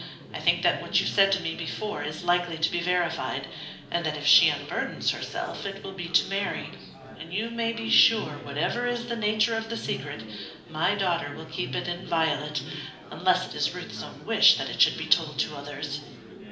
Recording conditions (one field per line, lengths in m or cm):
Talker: one person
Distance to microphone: 2.0 m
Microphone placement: close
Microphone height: 99 cm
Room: medium-sized (5.7 m by 4.0 m)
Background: babble